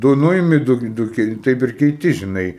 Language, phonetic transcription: Lithuanian, ˈdu ˈnuimi ˈdu ˈdu kei ˈtaip ir keiˈti žiˈnai

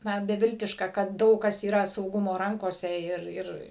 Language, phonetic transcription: Lithuanian, ˈna beˈviltiška kad ˈdaug kas yˈra sauˈgumo ˈrankose ˈir ˈir

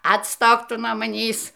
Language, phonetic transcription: Lithuanian, atˈstok ˈtu nuo maˈnįs

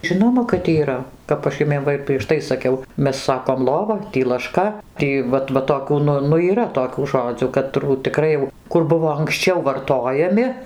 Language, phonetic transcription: Lithuanian, ˈžinoma kad yˈra ˈkap aš ˈjumiem ˈva ir prieš ˈtai saˈkiau ˈmes ˈsakom ˈlova ˈtį laˈška ˈtį ˈvat va toˈkių ˈnu nu yˈra toˈkių ˈžodzių kaˈtrų tiˈkrai jau ˈkur ˈbuvo anksˈčiau varˈtojami

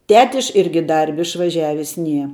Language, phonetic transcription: Lithuanian, ˈtetiš ˈirgi ˈdarbi išvaˈžiavis ˈnie

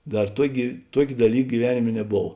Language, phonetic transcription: Lithuanian, ˈdar ˈtuokė ˈtuok' daˈlyk gyˈvenimė neˈbov

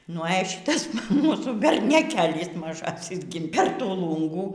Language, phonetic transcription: Lithuanian, nu e ˈšitas ˈmūsų berneˈkėlis maˈžasis gi per ˈtų ˈlūngų

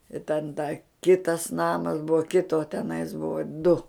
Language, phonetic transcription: Lithuanian, i ten da ˈkitas ˈnamas ˈbuvo ˈkito teˈnais ˈbuvo du

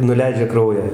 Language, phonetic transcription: Lithuanian, nuˈleidžia ˈkraują

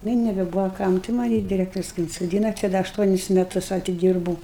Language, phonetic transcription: Lithuanian, ˈnu i nebeˈbūvo ˈkam tai ˈmani diˈrektorius kai insoˈdyna čia ˈda ašˈtuonis meˈtus atiˈdyrbūu

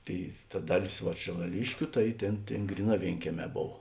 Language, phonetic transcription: Lithuanian, ˈtėi ta ˈdaˌlės va šėlaˈliškiu ˈtai ˈtėn ˈtėn ˈgryˌnā ˈvėinkieˌmē ˈbov

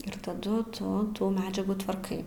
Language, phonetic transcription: Lithuanian, ir taˈdu ˈtu ˈtų ˈmedžiagų tvarˈkai

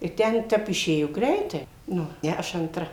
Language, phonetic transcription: Lithuanian, i ˈten ˈtep iˈšėjo ˈgreitai ˈnu ˈne aš antˈra

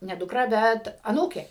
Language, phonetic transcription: Lithuanian, ne dukˈra ˈbet aˈnūkė

